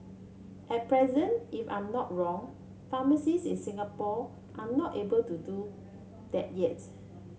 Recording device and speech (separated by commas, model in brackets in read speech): mobile phone (Samsung C7), read sentence